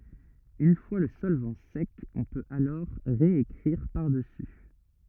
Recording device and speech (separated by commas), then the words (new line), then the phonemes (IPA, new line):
rigid in-ear microphone, read sentence
Une fois le solvant sec, on peut alors réécrire par-dessus.
yn fwa lə sɔlvɑ̃ sɛk ɔ̃ pøt alɔʁ ʁeekʁiʁ paʁdəsy